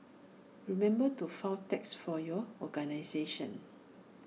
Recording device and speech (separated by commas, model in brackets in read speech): mobile phone (iPhone 6), read sentence